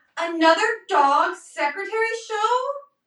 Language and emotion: English, sad